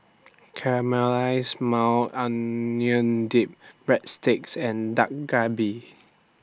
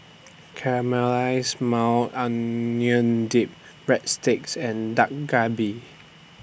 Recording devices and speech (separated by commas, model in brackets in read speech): standing microphone (AKG C214), boundary microphone (BM630), read sentence